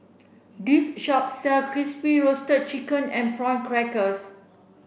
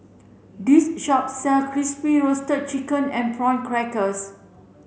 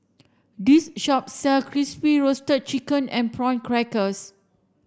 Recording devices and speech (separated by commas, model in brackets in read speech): boundary microphone (BM630), mobile phone (Samsung C7), standing microphone (AKG C214), read sentence